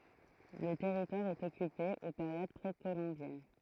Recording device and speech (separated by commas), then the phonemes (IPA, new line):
throat microphone, read sentence
lə tɛʁitwaʁ ɛt ɔkype o peʁjod pʁekolɔ̃bjɛn